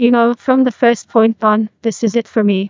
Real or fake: fake